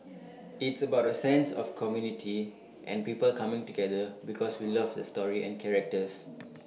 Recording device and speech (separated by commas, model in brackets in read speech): mobile phone (iPhone 6), read sentence